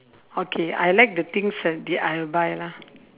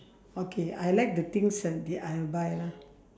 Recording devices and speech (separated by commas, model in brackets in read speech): telephone, standing microphone, conversation in separate rooms